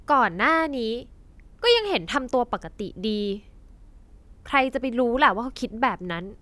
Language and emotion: Thai, frustrated